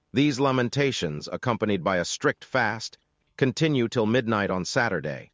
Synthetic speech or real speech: synthetic